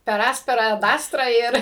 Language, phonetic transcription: Lithuanian, per ˈaspera ad ˈastra ˈir

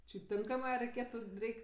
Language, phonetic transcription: Lithuanian, či ˈtinkamɜ a reiˈkėtu ˈreik'

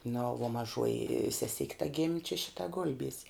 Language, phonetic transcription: Lithuanian, nu vuo maˈžuoji seˈsik' ta gim' čia ˈšita ˈgul'biese

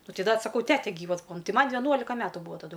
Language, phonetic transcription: Lithuanian, ˈnu ˈtai ˈda t saˈkau ˈtete ˈgyvas ˈbūa ˈtai ˈman veˈnuolika ˈmetu ˈbuvo taˈdu

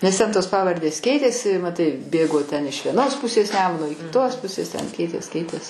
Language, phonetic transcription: Lithuanian, nes ˈten tos ˈpavardės ˈkeitėsi maˈtai ˈbėgo ten iš vieˈnos ˈpusės ˈnemuno i kitos ˈpusės ten ˈkeitės ˈkeitės

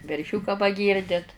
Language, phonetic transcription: Lithuanian, verˈšiuką paˈgyrdit

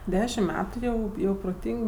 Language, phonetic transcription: Lithuanian, ˈdešimt ˈmetu jau ˈjau proˈtyng

